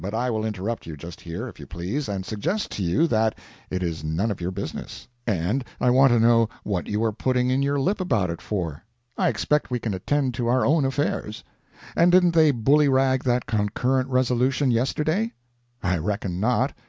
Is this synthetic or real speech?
real